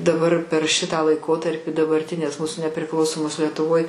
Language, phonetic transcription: Lithuanian, daˈbar per šitą laiˈkotarpi dabarˈtinės ˈmūsu nepriˈklausomos lietuˈvoj

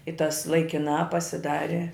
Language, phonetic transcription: Lithuanian, i tas laikiˈnā pasiˈdari

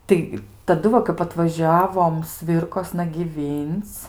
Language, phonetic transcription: Lithuanian, ˈtai taˈdu va kap atvaˈžiavom ˈsvirkosna gyˈvync

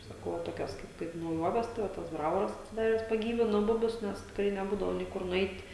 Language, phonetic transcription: Lithuanian, saˈkau va ˈtokios kaip kaip nauˈjuoves tai ˈva tas ˈbravoras atsiˈdares paˈgyvino ˈbubius ˈnes tikˈrai neˈbūdavo nei ˈkur nuˈeit'

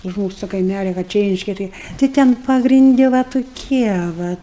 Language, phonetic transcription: Lithuanian, už ˈmūsu to kaiˈmælia va ˈčia ˈreiškia ˈtɨi tai ˈten pagrinˈdi va tuˈkie ˈva

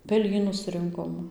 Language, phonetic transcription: Lithuanian, peˈlynus ˈrinkom

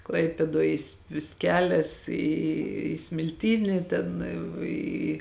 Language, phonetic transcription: Lithuanian, ˈklaipėdoj jis vis ˈkelias į smilˈtyni ˈten ˈį

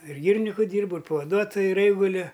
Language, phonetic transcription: Lithuanian, ir ˈgyriniku ˈdyrbu ir pavaˈduotoju ir ˈeiguliu

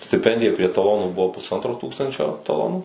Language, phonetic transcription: Lithuanian, stiˈpendija prie taˈlonų ˈbuvo pusˈantro ˈtūkstančio taˈlonų

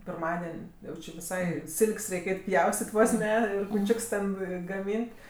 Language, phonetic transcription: Lithuanian, pirˈmaden' ˈjau či viˈsai ˈsilk's' ˈreik' ˈeit' ˈpjaustit' ˈvos ˈne kuˈčiuks ten gaˈmyn't'

